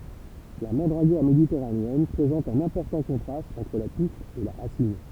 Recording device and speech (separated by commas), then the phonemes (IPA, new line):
temple vibration pickup, read sentence
la mɑ̃dʁaɡɔʁ meditɛʁaneɛn pʁezɑ̃t œ̃n ɛ̃pɔʁtɑ̃ kɔ̃tʁast ɑ̃tʁ la tuf e la ʁasin